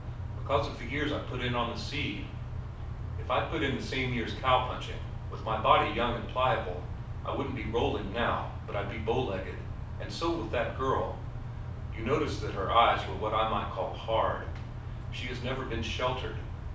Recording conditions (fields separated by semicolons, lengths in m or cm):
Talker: one person; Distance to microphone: 5.8 m; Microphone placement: far; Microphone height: 1.8 m; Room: medium-sized (5.7 m by 4.0 m); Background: none